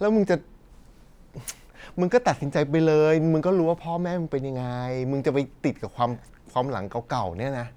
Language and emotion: Thai, frustrated